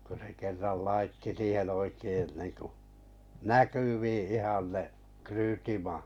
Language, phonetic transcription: Finnish, ko se 'kerral laitti siihen oikein niŋku , "näkyvii ihan ne , 'kryytimà- .
- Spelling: kun se kerran laittoi siihen oikein niin kuin näkyviin ihan ne -

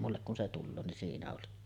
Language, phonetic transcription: Finnish, mullek kun 'se 'tulloo nin 'siinä oli .
- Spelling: minulle kun se tulee niin siinä oli

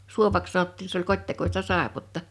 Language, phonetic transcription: Finnish, 'suovaks 'sanottii se ‿oĺ 'kot́tekosta "sàepotta .
- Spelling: suovaksi sanottiin se oli kotitekoista saippuaa

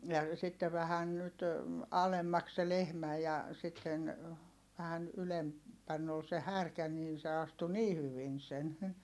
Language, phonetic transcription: Finnish, ja , sitte vähän nyt , alemmaks se lehmä ja , sitten , vähän , ylem- , -pänn ‿ol se härkä niin se astu nii hyvin sen .
- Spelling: ja sitten vähän nyt alemmaksi se lehmä ja sitten vähän - ylempänä oli se härkä niin se astui niin hyvin sen

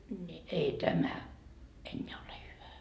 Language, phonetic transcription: Finnish, ńi , ei "tämä , 'enneä ole hyvä .
- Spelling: niin ei tämä enää ole hyvä

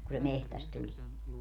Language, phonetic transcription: Finnish, ku se "mehtäst 'tulie .
- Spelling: kun se metsästä tulee

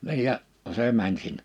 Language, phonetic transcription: Finnish, niij ja , 'see mäń sin- .
- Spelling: niin ja se meni -

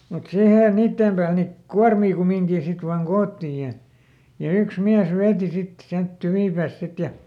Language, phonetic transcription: Finnish, mut ˈsihè ˈniittèm pääl ni , "kuarmii ˈkumiŋkii sit vaaŋ "koottìj ja , ja ˈyks ˈmiäs ˈveeti ˈsit , siält ˈtyvìpääsᵗ ˈsit ja ,.
- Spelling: mutta siihen niiden päälle niin kuormia kumminkin sitten vain koottiin ja ja yksi mies veti sitten sieltä tyvipäästä sitten ja

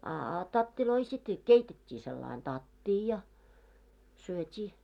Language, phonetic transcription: Finnish, a a 'tattiloi sit , "keitet́t́ii sellain "tattii ja , 'syöt́ii .
- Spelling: a a tatteja sitten keitettiin sillä lailla tattia ja syötiin

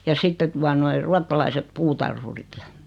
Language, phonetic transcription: Finnish, ja 'sitte tua noi , 'ruattalaiset 'putarhurit ja ,.
- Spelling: ja sitten tuota noin ruotsalaiset puutarhurit ja

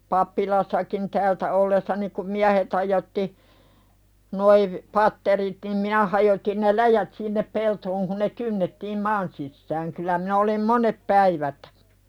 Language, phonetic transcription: Finnish, 'pappilassakin "täältä ollessani kum "miähet hajotti , noi v- , "patterit nim 'minä hajotin ne "läjät sinnep 'peltooŋ kun ne 'kynnettiim "maan sissääŋ 'kyllä minä olim "monep päivät .
- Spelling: pappilassakin täältä ollessani kun miehet hajotti nuo - patterit niin minä hajotin ne läjät sinne peltoon kun ne kynnettiin maan sisään kyllä minä olin monet päivät

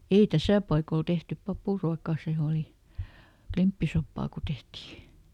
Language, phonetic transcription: Finnish, ei "täsä̀ paikol ˈtehtyp "papùruakà ˈsè oli , ˈklimppisoppaa ku ˈtehtii .
- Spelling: ei tässä paikoilla tehty papuruokaa se oli klimppisoppaa kun tehtiin

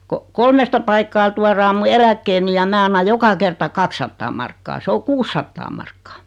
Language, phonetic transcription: Finnish, ko , 'kolmesta paikkaa 'tuaraa mu "eläkkeeni ja 'mää anna 'joka kerta "kakssattaa markkaa 'se o "kuussattaa markkaa .
- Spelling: kun kolmesta paikkaa tuodaan minun eläkkeeni ja minä annan joka kerta kaksisataa markkaa se on kuusisataa markkaa

